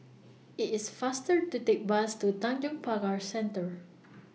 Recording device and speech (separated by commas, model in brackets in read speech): mobile phone (iPhone 6), read sentence